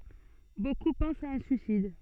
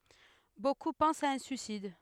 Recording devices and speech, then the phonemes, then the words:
soft in-ear microphone, headset microphone, read sentence
boku pɑ̃st a œ̃ syisid
Beaucoup pensent à un suicide.

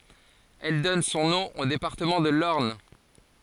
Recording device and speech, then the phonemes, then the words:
forehead accelerometer, read sentence
ɛl dɔn sɔ̃ nɔ̃ o depaʁtəmɑ̃ də lɔʁn
Elle donne son nom au département de l'Orne.

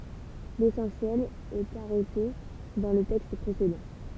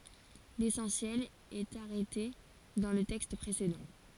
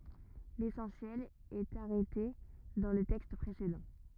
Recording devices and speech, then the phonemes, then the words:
temple vibration pickup, forehead accelerometer, rigid in-ear microphone, read sentence
lesɑ̃sjɛl ɛt aʁɛte dɑ̃ lə tɛkst pʁesedɑ̃
L'essentiel est arrêté dans le texte précédent.

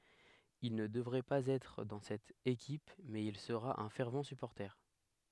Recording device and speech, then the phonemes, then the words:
headset microphone, read sentence
il nə dəvʁɛ paz ɛtʁ dɑ̃ sɛt ekip mɛz il səʁa œ̃ fɛʁv sypɔʁte
Il ne devrait pas être dans cette équipe mais il sera un fervent supporter.

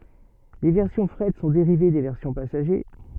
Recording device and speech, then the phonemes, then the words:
soft in-ear microphone, read sentence
le vɛʁsjɔ̃ fʁɛt sɔ̃ deʁive de vɛʁsjɔ̃ pasaʒe
Les versions fret sont dérivées des versions passagers.

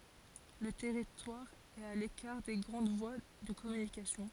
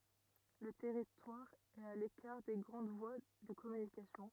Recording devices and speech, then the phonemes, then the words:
forehead accelerometer, rigid in-ear microphone, read sentence
lə tɛʁitwaʁ ɛt a lekaʁ de ɡʁɑ̃d vwa də kɔmynikasjɔ̃
Le territoire est à l'écart des grandes voies de communication.

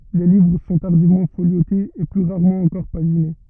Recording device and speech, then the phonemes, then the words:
rigid in-ear microphone, read sentence
le livʁ sɔ̃ taʁdivmɑ̃ foljotez e ply ʁaʁmɑ̃ ɑ̃kɔʁ paʒine
Les livres sont tardivement foliotés, et plus rarement encore paginés.

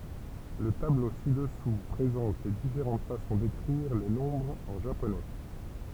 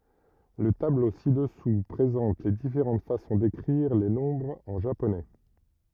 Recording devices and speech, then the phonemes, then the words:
temple vibration pickup, rigid in-ear microphone, read sentence
lə tablo si dəsu pʁezɑ̃t le difeʁɑ̃t fasɔ̃ dekʁiʁ le nɔ̃bʁz ɑ̃ ʒaponɛ
Le tableau ci-dessous présente les différentes façons d'écrire les nombres en japonais.

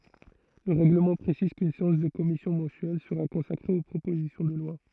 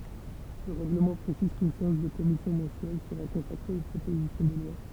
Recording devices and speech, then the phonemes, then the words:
throat microphone, temple vibration pickup, read sentence
lə ʁɛɡləmɑ̃ pʁesiz kyn seɑ̃s də kɔmisjɔ̃ mɑ̃syɛl səʁa kɔ̃sakʁe o pʁopozisjɔ̃ də lwa
Le règlement précise qu'une séance de commission mensuelle sera consacrée aux propositions de loi.

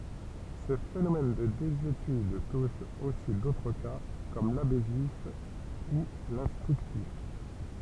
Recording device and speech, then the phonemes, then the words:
temple vibration pickup, read sentence
sə fenomɛn də dezyetyd tuʃ osi dotʁ ka kɔm labɛsif u lɛ̃stʁyktif
Ce phénomène de désuétude touche aussi d'autres cas, comme l'abessif ou l'instructif.

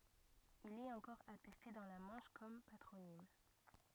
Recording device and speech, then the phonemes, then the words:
rigid in-ear microphone, read sentence
il ɛt ɑ̃kɔʁ atɛste dɑ̃ la mɑ̃ʃ kɔm patʁonim
Il est encore attesté dans la Manche comme patronyme.

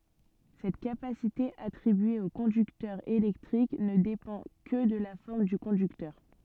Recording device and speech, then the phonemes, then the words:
soft in-ear microphone, read sentence
sɛt kapasite atʁibye o kɔ̃dyktœʁ elɛktʁik nə depɑ̃ kə də la fɔʁm dy kɔ̃dyktœʁ
Cette capacité attribuée au conducteur électrique ne dépend que de la forme du conducteur.

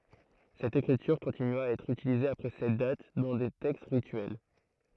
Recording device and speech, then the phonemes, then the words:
throat microphone, read sentence
sɛt ekʁityʁ kɔ̃tinya a ɛtʁ ytilize apʁɛ sɛt dat dɑ̃ de tɛkst ʁityɛl
Cette écriture continua à être utilisée après cette date, dans des textes rituels.

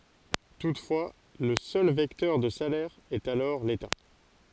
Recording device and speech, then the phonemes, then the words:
forehead accelerometer, read sentence
tutfwa lə sœl vɛktœʁ də salɛʁ ɛt alɔʁ leta
Toutefois, le seul vecteur de salaire est alors l'État.

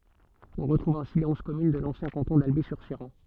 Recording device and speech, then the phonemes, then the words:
soft in-ear microphone, read sentence
ɔ̃ ʁətʁuv ɛ̃si le ɔ̃z kɔmyn də lɑ̃sjɛ̃ kɑ̃tɔ̃ dalbi syʁ ʃeʁɑ̃
On retrouve ainsi les onze communes de l'ancien canton d'Alby-sur-Chéran.

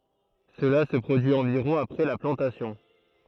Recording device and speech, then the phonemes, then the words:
throat microphone, read sentence
səla sə pʁodyi ɑ̃viʁɔ̃ apʁɛ la plɑ̃tasjɔ̃
Cela se produit environ après la plantation.

